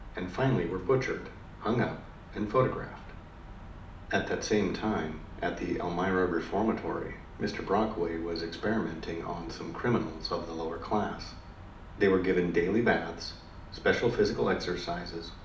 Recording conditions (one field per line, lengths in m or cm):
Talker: one person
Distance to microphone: 2.0 m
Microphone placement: close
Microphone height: 99 cm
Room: medium-sized (5.7 m by 4.0 m)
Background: none